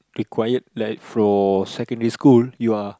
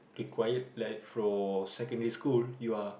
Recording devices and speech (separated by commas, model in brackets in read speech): close-talking microphone, boundary microphone, conversation in the same room